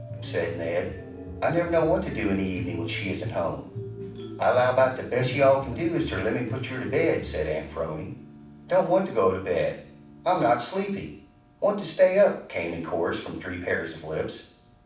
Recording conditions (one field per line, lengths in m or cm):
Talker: one person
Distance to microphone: 5.8 m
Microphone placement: far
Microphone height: 1.8 m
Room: medium-sized (5.7 m by 4.0 m)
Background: music